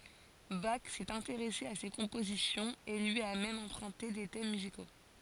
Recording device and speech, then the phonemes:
forehead accelerometer, read sentence
bak sɛt ɛ̃teʁɛse a se kɔ̃pozisjɔ̃z e lyi a mɛm ɑ̃pʁœ̃te de tɛm myziko

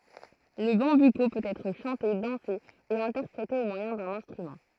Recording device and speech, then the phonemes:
throat microphone, read sentence
lə bɑ̃byko pøt ɛtʁ ʃɑ̃te dɑ̃se e ɛ̃tɛʁpʁete o mwajɛ̃ dœ̃n ɛ̃stʁymɑ̃

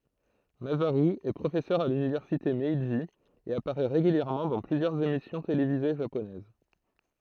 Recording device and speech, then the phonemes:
throat microphone, read sentence
mazaʁy ɛ pʁofɛsœʁ a lynivɛʁsite mɛʒi e apaʁɛ ʁeɡyljɛʁmɑ̃ dɑ̃ plyzjœʁz emisjɔ̃ televize ʒaponɛz

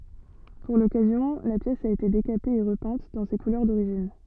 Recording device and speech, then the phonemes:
soft in-ear microphone, read sentence
puʁ lɔkazjɔ̃ la pjɛs a ete dekape e ʁəpɛ̃t dɑ̃ se kulœʁ doʁiʒin

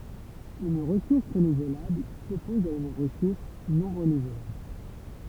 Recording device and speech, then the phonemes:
temple vibration pickup, read sentence
yn ʁəsuʁs ʁənuvlabl sɔpɔz a yn ʁəsuʁs nɔ̃ ʁənuvlabl

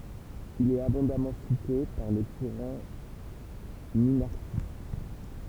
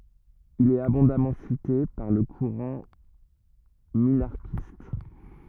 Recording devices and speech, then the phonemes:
temple vibration pickup, rigid in-ear microphone, read sentence
il ɛt abɔ̃damɑ̃ site paʁ lə kuʁɑ̃ minaʁʃist

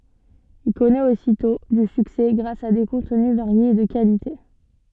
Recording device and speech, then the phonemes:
soft in-ear microphone, read sentence
il kɔnɛt ositɔ̃ dy syksɛ ɡʁas a de kɔ̃tny vaʁjez e də kalite

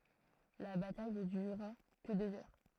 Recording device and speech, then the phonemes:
throat microphone, read sentence
la bataj nə dyʁa kə døz œʁ

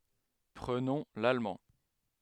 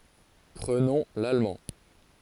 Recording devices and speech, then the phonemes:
headset microphone, forehead accelerometer, read sentence
pʁənɔ̃ lalmɑ̃

